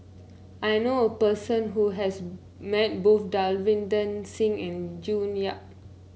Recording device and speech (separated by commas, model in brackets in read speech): mobile phone (Samsung C9), read sentence